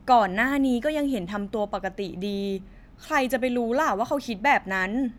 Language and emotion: Thai, neutral